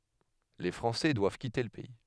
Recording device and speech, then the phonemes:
headset microphone, read sentence
le fʁɑ̃sɛ dwav kite lə pɛi

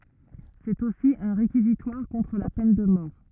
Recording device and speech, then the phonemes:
rigid in-ear microphone, read sentence
sɛt osi œ̃ ʁekizitwaʁ kɔ̃tʁ la pɛn də mɔʁ

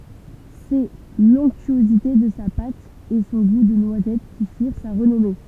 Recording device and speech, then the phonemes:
temple vibration pickup, read sentence
sɛ lɔ̃ktyozite də sa pat e sɔ̃ ɡu də nwazɛt ki fiʁ sa ʁənɔme

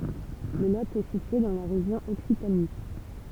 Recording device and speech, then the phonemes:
temple vibration pickup, read sentence
lə lo ɛ sitye dɑ̃ la ʁeʒjɔ̃ ɔksitani

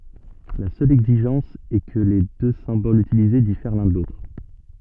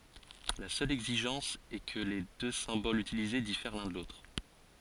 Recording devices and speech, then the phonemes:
soft in-ear microphone, forehead accelerometer, read sentence
la sœl ɛɡziʒɑ̃s ɛ kə le dø sɛ̃bolz ytilize difɛʁ lœ̃ də lotʁ

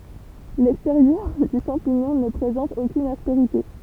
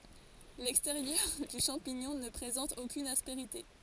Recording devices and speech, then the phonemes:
temple vibration pickup, forehead accelerometer, read sentence
lɛksteʁjœʁ dy ʃɑ̃piɲɔ̃ nə pʁezɑ̃t okyn aspeʁite

